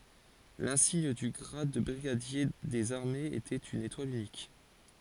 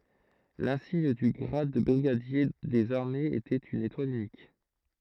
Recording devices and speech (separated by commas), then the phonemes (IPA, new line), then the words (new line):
forehead accelerometer, throat microphone, read sentence
lɛ̃siɲ dy ɡʁad də bʁiɡadje dez aʁmez etɛt yn etwal ynik
L'insigne du grade de brigadier des armées était une étoile unique.